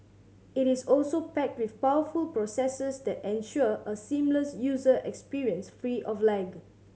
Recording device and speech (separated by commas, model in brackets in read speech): mobile phone (Samsung C7100), read sentence